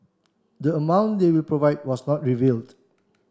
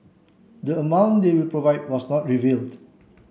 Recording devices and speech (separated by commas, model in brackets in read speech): standing microphone (AKG C214), mobile phone (Samsung C7), read sentence